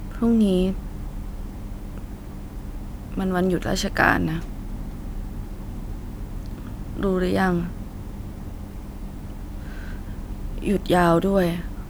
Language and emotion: Thai, sad